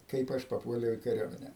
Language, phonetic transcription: Lithuanian, ˈkaip aš paˈpuoliau i kaˈriuomene

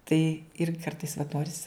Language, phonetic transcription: Lithuanian, tai ir ˈkartais vat ˈnoris

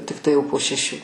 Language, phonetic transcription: Lithuanian, tikˈtai ˈjau po šeˈšių

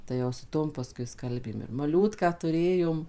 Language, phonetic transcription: Lithuanian, tai jau su ˈtom paˈskui ˈskalbėm ir maˈliūtką tuˈrėjom

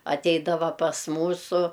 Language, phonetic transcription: Lithuanian, aˈteidava pas ˈmūsu

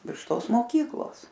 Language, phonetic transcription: Lithuanian, virš ˈtos moˈkyklos

